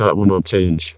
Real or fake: fake